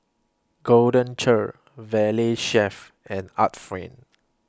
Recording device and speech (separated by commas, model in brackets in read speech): close-talking microphone (WH20), read sentence